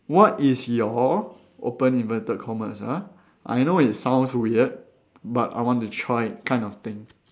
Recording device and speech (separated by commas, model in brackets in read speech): standing microphone, conversation in separate rooms